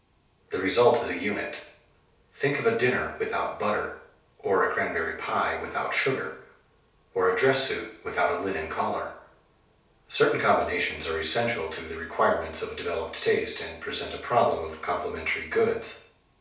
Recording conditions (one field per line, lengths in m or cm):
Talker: one person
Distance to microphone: 3.0 m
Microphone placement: far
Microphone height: 1.8 m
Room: small (3.7 m by 2.7 m)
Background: none